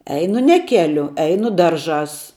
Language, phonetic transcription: Lithuanian, ˈeinu ne ˈkeliu ˈeinu ˈdarˌžās

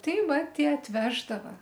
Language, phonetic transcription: Lithuanian, ˈtai ˈva ˈtie atˈveždava

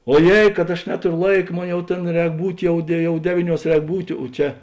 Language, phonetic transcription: Lithuanian, oˈjėi kad aš ˈnetorio ˈlaika ˈmon jau ˈtėn ˈrēk ˈbūt' ˈjau de ˈjau ˈdevyˌniuos ˈrēk ˈbūtė o ˈčia

